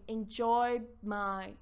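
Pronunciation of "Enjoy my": In 'enjoyed my', the d at the end of 'enjoyed' changes to something more like a b sound, and that b is not released before 'my'.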